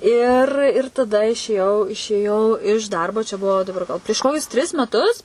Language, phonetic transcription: Lithuanian, ir ir taˈda išėˈjau išėˈjau iš ˈdarbo čia ˈbuvo daˈbar gal prieš ˈkokius tris meˈtus

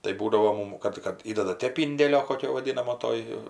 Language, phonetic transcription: Lithuanian, tai ˈbūdavo ˈmum ˈkad kad ˈįdada ˈtėp ˈindėlio koˈkio vaˈdinamo ˈtoj

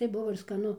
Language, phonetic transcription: Lithuanian, tai ˈbuvo ir skaˈnu

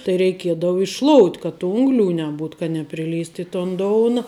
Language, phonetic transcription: Lithuanian, tai reiˈkiedau išˈšlout' ka tu ˈungliu neˈbūt ka nepriˈlyst i ton ˈdouna

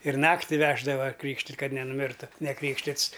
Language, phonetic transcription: Lithuanian, ir ˈnakti ˈveždava ˈkrykštit' kad nenuˈmirtu neˈkrykštits

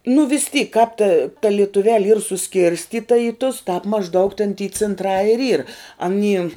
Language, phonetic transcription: Lithuanian, nu vis tyk kāp ta ta lietuˈveli yr suˈskirstyta į tus tāp mažˈdaug ten ty cintˈrā ir yr aˈny

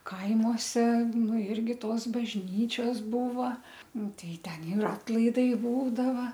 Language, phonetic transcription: Lithuanian, ˈkaimose ˈnu ˈirgi ˈtos bažˈnyčios ˈbūva ˈnu ˈtai ˈten ir ˈatlaidai ˈbūdava

